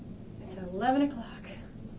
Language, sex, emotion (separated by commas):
English, female, disgusted